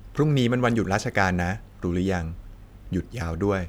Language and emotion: Thai, neutral